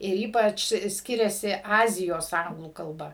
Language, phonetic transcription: Lithuanian, ir ˈypač ˈskiriasi ˈazijos ˈanglų kalˈba

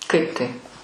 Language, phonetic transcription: Lithuanian, ˈkaip taip

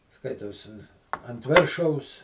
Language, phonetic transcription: Lithuanian, ˈskaitos ant ˈvėršaus

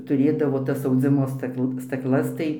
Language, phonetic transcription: Lithuanian, tuˈrėdavo ˈtas auˈdzimo ˈstakl stakˈlas tai

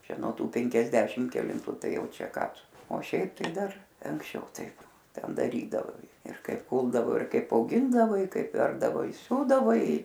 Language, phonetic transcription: Lithuanian, ˈčia nuo ˈtų penkiasˈdešim kelinˈtu ˈtai ˈjau ˈčia ˈką ˈtu o ˈšiaip tai ˈdar anksˈčiau ˈtaip ˈten daˈrydavai ir ˈkaip ˈkūldavo ir ˈkaip auˈgindavai ˈkaip ˈverpdavo i ˈsiūdavai

